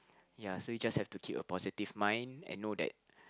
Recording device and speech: close-talking microphone, conversation in the same room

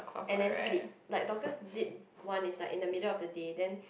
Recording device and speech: boundary microphone, conversation in the same room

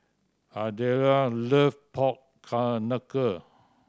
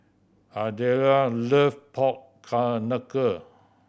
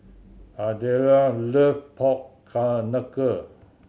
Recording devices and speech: standing microphone (AKG C214), boundary microphone (BM630), mobile phone (Samsung C7100), read sentence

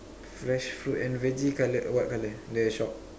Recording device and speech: standing microphone, conversation in separate rooms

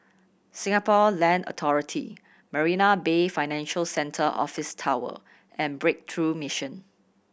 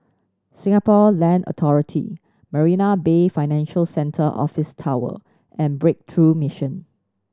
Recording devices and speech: boundary microphone (BM630), standing microphone (AKG C214), read sentence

